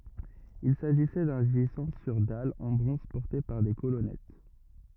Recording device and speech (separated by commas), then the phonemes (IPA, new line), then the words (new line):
rigid in-ear microphone, read sentence
il saʒisɛ dœ̃ ʒizɑ̃ syʁ dal ɑ̃ bʁɔ̃z pɔʁte paʁ de kolɔnɛt
Il s’agissait d'un gisant sur dalle en bronze porté par des colonnettes.